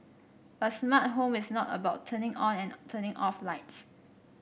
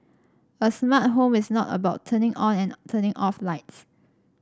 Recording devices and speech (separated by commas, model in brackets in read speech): boundary microphone (BM630), standing microphone (AKG C214), read sentence